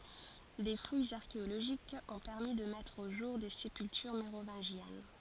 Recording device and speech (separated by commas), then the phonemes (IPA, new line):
forehead accelerometer, read sentence
de fujz aʁkeoloʒikz ɔ̃ pɛʁmi də mɛtʁ o ʒuʁ de sepyltyʁ meʁovɛ̃ʒjɛn